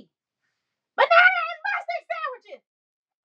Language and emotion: English, disgusted